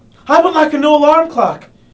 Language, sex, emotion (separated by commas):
English, male, neutral